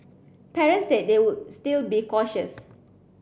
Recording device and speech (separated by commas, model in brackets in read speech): boundary microphone (BM630), read sentence